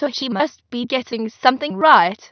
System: TTS, waveform concatenation